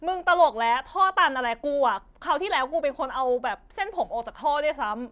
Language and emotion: Thai, angry